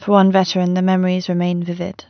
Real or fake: real